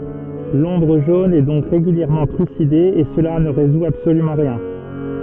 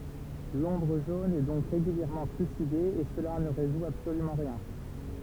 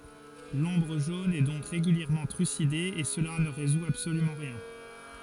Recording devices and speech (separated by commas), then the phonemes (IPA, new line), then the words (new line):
soft in-ear microphone, temple vibration pickup, forehead accelerometer, read sentence
lɔ̃bʁ ʒon ɛ dɔ̃k ʁeɡyljɛʁmɑ̃ tʁyside e səla nə ʁezu absolymɑ̃ ʁjɛ̃
L'Ombre Jaune est donc régulièrement trucidée et cela ne résout absolument rien.